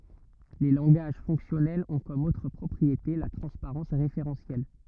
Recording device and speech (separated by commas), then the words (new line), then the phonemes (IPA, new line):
rigid in-ear microphone, read sentence
Les langages fonctionnels ont comme autre propriété la transparence référentielle.
le lɑ̃ɡaʒ fɔ̃ksjɔnɛlz ɔ̃ kɔm otʁ pʁɔpʁiete la tʁɑ̃spaʁɑ̃s ʁefeʁɑ̃sjɛl